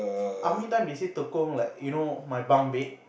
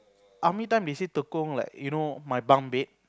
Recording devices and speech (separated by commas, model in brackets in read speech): boundary microphone, close-talking microphone, conversation in the same room